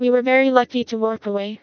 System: TTS, vocoder